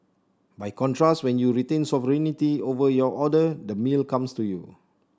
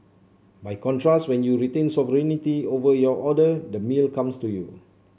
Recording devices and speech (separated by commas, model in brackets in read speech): standing microphone (AKG C214), mobile phone (Samsung C7), read sentence